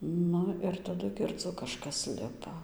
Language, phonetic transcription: Lithuanian, ˈnu ir taˈdu girˈdzu kaˈžkas ˈlipa

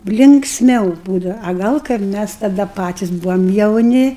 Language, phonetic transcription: Lithuanian, linksˈmiau ˈbūdava a ˈgal kaip ˈmæs taˈda ˈpatis ˈbuvam jauˈni

